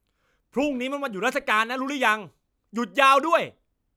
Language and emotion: Thai, angry